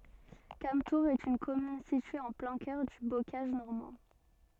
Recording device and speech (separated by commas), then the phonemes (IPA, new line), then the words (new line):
soft in-ear microphone, read sentence
kamtuʁz ɛt yn kɔmyn sitye ɑ̃ plɛ̃ kœʁ dy bokaʒ nɔʁmɑ̃
Cametours est une commune située en plein cœur du bocage normand.